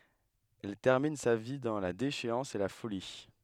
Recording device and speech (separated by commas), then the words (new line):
headset microphone, read sentence
Elle termine sa vie dans la déchéance et la folie.